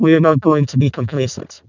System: VC, vocoder